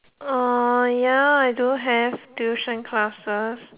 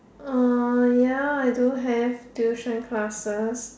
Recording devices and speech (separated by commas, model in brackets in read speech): telephone, standing microphone, conversation in separate rooms